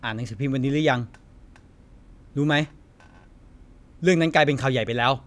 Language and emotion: Thai, frustrated